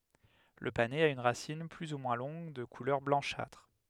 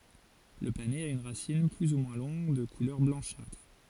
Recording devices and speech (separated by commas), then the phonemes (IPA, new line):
headset microphone, forehead accelerometer, read sentence
lə panɛz a yn ʁasin ply u mwɛ̃ lɔ̃ɡ də kulœʁ blɑ̃ʃatʁ